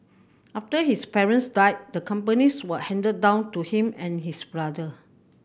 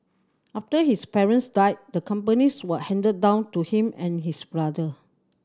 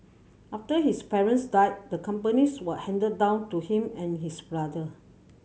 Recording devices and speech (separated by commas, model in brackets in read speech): boundary microphone (BM630), standing microphone (AKG C214), mobile phone (Samsung C7100), read sentence